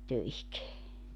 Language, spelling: Finnish, töihin
- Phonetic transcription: 'töihik .

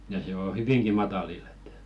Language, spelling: Finnish, ja se on hyvinkin matalilla että
- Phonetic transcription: ja 'se o "hyviŋki 'matalill ‿ᴇt .

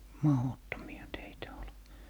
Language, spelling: Finnish, mahdottomia teitä oli
- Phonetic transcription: "mahottomi₍a teitä ol .

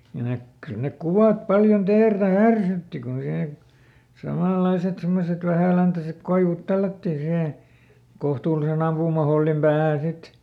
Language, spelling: Finnish, kyllä - kyllä ne kuvat paljon teertä härsytti kun siihen samanlaiset semmoiset vähäläntäiset koivut tällättiin siihen kohtuullisen ampumahollin päähän sitten
- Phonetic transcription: kyl nek- , ˈkyl nek "kuvàt ˈpaljon ˈteertä "härsytti ku sihe , ˈsamàlˈlaiset semmoset ˈvähä̀läntäsek ˈkoivut "tällättii sihè , ˈkohtuuliseˈn ‿ampuumahollim päähä̀n ˈsit .

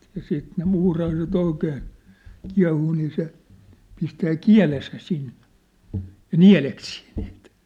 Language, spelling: Finnish, ja sitten ne muurahaiset oikein kiehuu niin se pistää kielensä sinne ja nieleksii niitä
- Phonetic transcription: ja siit ne 'muurahaise't ‿oikeen̬ , 'kia̭huu nii se , pistää "kiä̭lesä 'sinnᴇ , jă "niä̭leksii ɴɪɪt .

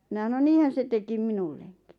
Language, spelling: Finnish, minä sanoin niinhän se teki minullekin
- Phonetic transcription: « mina sano » 'niihän̬ se tekim 'minulleŋkɪ « .

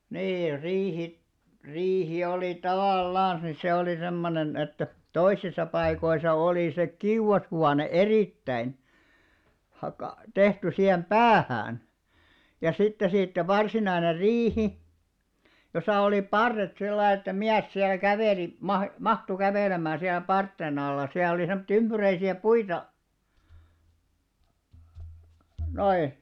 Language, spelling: Finnish, niin riihi riihi oli tavallansa niin se oli semmoinen että toisissa paikoissa oli se kiuashuone erittäin - tehty siihen päähän ja sitten siitä varsinainen riihi jossa oli parret sillä lailla että mies siellä käveli - mahtui kävelemään siellä parsien alla siellä oli semmoisia ympyräisiä puita noin
- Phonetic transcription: 'niir 'riihi , 'riihi oli 'tavàl"làns ni se oli 'semmonen että , "toisisa 'paikoisa olì se "kiuʷashuane "erìttäin , hakà- , 'tehty sihem "ʙäähään , ja sitte siittä 'varsinainer "riihi , josà olì "parret 'sillaiˡ ‿että 'miäs siäl 'kävèli , 'mah- "mahtu 'kävèlem̆mää siälᵃ̈ 'parttè'n ‿alla siäˡ ‿oli 'semᵒtti 'ymʙyräisi₍ä "puita , 'noi .

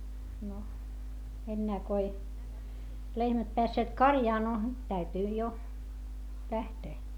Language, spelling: Finnish, no enää kun ei lehmät päässeet karjaan no täytyi jo lähteä
- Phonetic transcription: no , ennää ko ei , lehmät peässeet karjaa no , täytyi jo , lähtee .

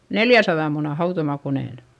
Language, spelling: Finnish, neljänsadan munan hautomakoneen
- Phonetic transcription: neljäsaδa muna hautomakonèn .

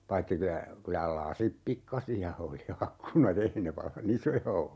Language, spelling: Finnish, paitsi kyllä kyllä lasit pikkaisia oli ikkunat ei ne vallan isoja ollut
- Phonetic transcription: 'paitti kylä , 'kylä "lasip 'pikkasi₍a oli 'akkuna't ‿ei ne 'valla"n ‿isoja ollu .

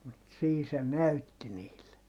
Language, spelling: Finnish, mutta siinä se näytti niille
- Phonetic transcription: mut sii se näytti niille .

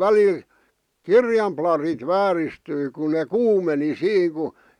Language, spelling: Finnish, välillä kirjan plarit vääristyi kun ne kuumeni siinä kun
- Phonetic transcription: välil , "kirjam plarit 'vääristyi ku ne ̳ "kuumeni "siiŋ ku ,.

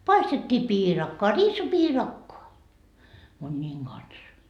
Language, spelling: Finnish, paistettiin piirakkaa riisipiirakkaa munien kanssa
- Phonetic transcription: 'paistettii "piirakkoa , 'riisipiirakkoa , muńńiiŋ 'Gans .

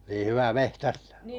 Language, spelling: Finnish, niin hyvä metsästämään
- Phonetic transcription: nii 'hyvä "mehtästᴀ̈ᴀ̈ ?

